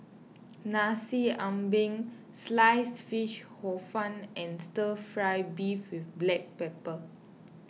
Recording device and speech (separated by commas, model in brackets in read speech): mobile phone (iPhone 6), read sentence